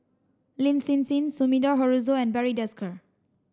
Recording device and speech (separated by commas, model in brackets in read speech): standing microphone (AKG C214), read sentence